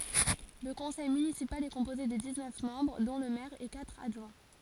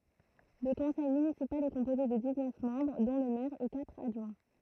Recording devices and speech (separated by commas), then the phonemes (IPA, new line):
forehead accelerometer, throat microphone, read sentence
lə kɔ̃sɛj mynisipal ɛ kɔ̃poze də diz nœf mɑ̃bʁ dɔ̃ lə mɛʁ e katʁ adʒwɛ̃